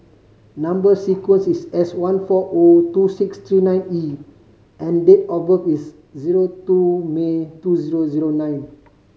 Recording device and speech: mobile phone (Samsung C5010), read sentence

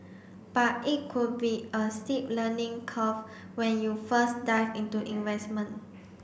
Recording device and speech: boundary microphone (BM630), read sentence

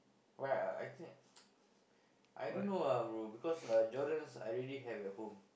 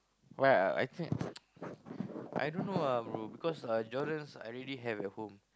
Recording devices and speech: boundary microphone, close-talking microphone, conversation in the same room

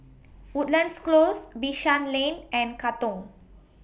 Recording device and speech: boundary microphone (BM630), read sentence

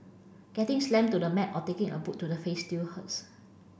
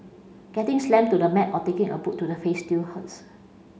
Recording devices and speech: boundary microphone (BM630), mobile phone (Samsung C5), read sentence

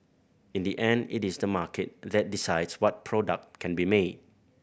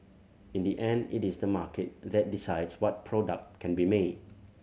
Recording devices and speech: boundary microphone (BM630), mobile phone (Samsung C7100), read sentence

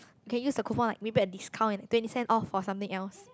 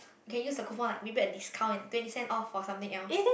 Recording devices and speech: close-talking microphone, boundary microphone, conversation in the same room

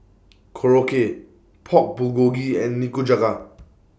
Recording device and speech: boundary microphone (BM630), read sentence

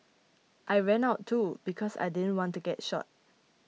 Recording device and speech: mobile phone (iPhone 6), read sentence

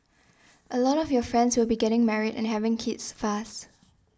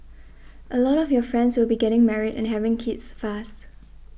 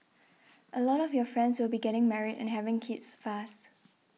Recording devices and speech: standing microphone (AKG C214), boundary microphone (BM630), mobile phone (iPhone 6), read sentence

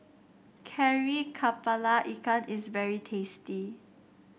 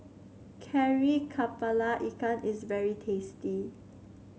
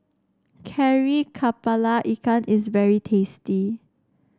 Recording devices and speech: boundary microphone (BM630), mobile phone (Samsung C7), standing microphone (AKG C214), read sentence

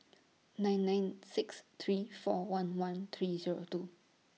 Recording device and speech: mobile phone (iPhone 6), read sentence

